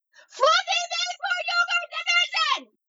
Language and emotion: English, neutral